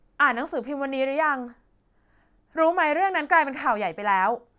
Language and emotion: Thai, frustrated